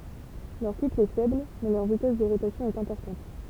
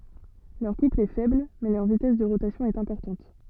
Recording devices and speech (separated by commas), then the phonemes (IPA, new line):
temple vibration pickup, soft in-ear microphone, read sentence
lœʁ kupl ɛ fɛbl mɛ lœʁ vitɛs də ʁotasjɔ̃ ɛt ɛ̃pɔʁtɑ̃t